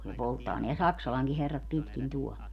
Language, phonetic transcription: Finnish, ne 'polttaa neä "Saksalaŋki 'herrat pitkin tuɔl .
- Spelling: ne polttaa nämä Saksalankin herrat pitkin tuolla

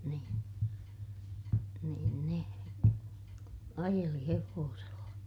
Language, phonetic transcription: Finnish, niin , niin ne , ajeli hevoosella .
- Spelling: niin niin ne ajeli hevosella

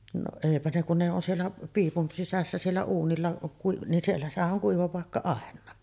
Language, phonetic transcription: Finnish, no 'èipä ne kun ne on 'siellä , 'piipun 'sisässä siellä 'uunilla , kui- , nin siellä , sehän ’ oŋ "kuiva pàekka 'àen̆naa .
- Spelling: no eipä ne kun ne on siellä piipun sisässä siellä uunilla - niin siellä sehän - on kuiva paikka aina

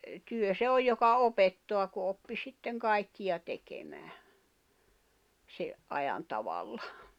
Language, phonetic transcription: Finnish, 'työ se "oj joka 'opettoa ku oppi 'sitteŋ 'kaikkija 'tekemää , 'se’ ’ajan 'tavalla .
- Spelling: työ se on joka opettaa kun oppi sitten kaikkea tekemään sen ajan tavalla

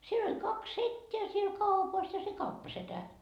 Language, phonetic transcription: Finnish, 'siel ‿oĺ kaks "setteä siel 'kaupas ja se "kauppasetä .
- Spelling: siellä oli kaksi setää siellä kaupassa ja se kauppasetä

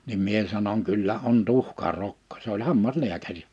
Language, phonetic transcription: Finnish, nim 'mie sanoŋ 'kyllä on 'tuhka'rokkᴏ sᴇ ‿oĺ 'hammas'ĺiäkäri .
- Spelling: niin minä sanon kyllä on tuhkarokko se oli hammaslääkäri

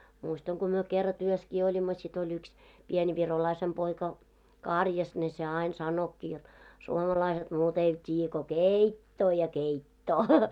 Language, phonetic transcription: Finnish, 'muistaŋ ko myö kerra 'työskii oĺimmo sit ‿oĺ ‿yks , pien 'virolaisem 'poika , "kàrjas ne se "áin 'sanokki jot , » 'suomalaiset 'muut ‿eivät t́iijjä ko "kèittoo ja 'keittoo « .
- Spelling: muistan kun me kerran työssäkin olimme sitten oli yksi pieni virolaisen poika karjassa ne se aina sanoikin jotta suomalaiset muuta eivät tiedä kuin keittoa ja keittoa

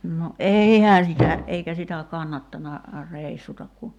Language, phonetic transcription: Finnish, no "’eihää sitä , 'eikä sitä 'kannattana , "rèissutak ku ,.
- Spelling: no eihän sitä eikä sitä kannattanut reissuta kun

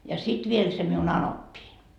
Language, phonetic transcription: Finnish, ja 'sit viel se miu"n ‿anoppiin .
- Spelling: ja sitten vielä se minun anoppini

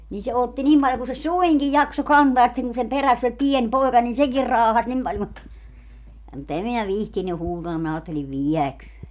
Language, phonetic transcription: Finnish, nin se "otti 'nim paljo ku se "suiŋkij "jakso "kantaa ja sitteŋ kun sem 'peräss ‿oĺ "pien 'poeka nin "sekir 'raahas 'nim paĺ mut , mut em minä "vihtiny 'huutaa minä 'aatteliv "viɛköön .
- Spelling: niin se otti niin paljon kuin se suinkin jaksoi kantaa ja sitten kun sen perässä oli pieni poika niin sekin raahasi niin paljon mutta mutta en minä viitsinyt huutaa minä ajattelin vieköön

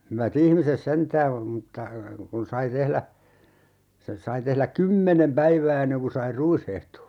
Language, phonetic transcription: Finnish, 'hyvä"t ‿ihmises 'sentää , 'mutta , kun sai 'tehlä , 'se(n) sai 'tehläk "kymmenem 'päivää enneŋ ku sai 'ruishehto .
- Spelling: hyvät ihmiset sentään mutta kun sai tehdä sen sai tehdä kymmenen päivää ennen kuin sai ruishehdon

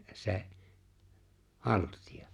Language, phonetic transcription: Finnish, 'se̬’ , "halt̀ia .
- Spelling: se haltia

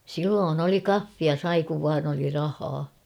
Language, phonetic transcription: Finnish, 'silloon ‿oli "kaffia 'sai kuv vaan ‿oli 'rahaa .
- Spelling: silloin oli kahvia sai kun vain oli rahaa

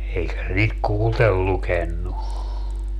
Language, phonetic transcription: Finnish, 'eikä se niit "kuultel 'lukennu .
- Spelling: eikä se niitä kuullen lukenut

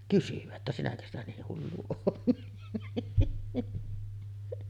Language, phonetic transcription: Finnish, kysyvä ‿ttä » 'sinäkö ‿stä niih 'hullu oot « .
- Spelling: kysyä että sinäkö sitä niin hullu olet

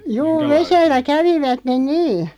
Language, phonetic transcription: Finnish, 'juu "vesellä 'kävivät(ten) "nii .
- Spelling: juu vedellä kävivät niin

